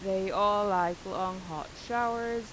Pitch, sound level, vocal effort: 195 Hz, 90 dB SPL, normal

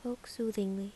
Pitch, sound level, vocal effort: 220 Hz, 75 dB SPL, soft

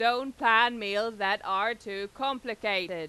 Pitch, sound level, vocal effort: 220 Hz, 99 dB SPL, loud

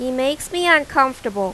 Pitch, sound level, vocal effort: 270 Hz, 91 dB SPL, loud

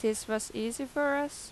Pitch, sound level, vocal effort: 250 Hz, 86 dB SPL, normal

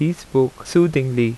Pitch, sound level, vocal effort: 135 Hz, 83 dB SPL, normal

